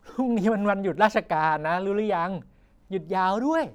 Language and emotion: Thai, happy